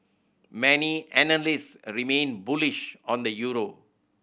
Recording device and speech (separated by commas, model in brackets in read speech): boundary microphone (BM630), read sentence